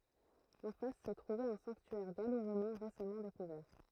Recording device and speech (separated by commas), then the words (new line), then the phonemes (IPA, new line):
throat microphone, read sentence
En face se trouvait un sanctuaire gallo-romain récemment découvert.
ɑ̃ fas sə tʁuvɛt œ̃ sɑ̃ktyɛʁ ɡaloʁomɛ̃ ʁesamɑ̃ dekuvɛʁ